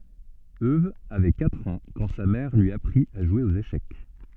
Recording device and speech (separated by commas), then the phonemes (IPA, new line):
soft in-ear microphone, read sentence
øw avɛ katʁ ɑ̃ kɑ̃ sa mɛʁ lyi apʁit a ʒwe oz eʃɛk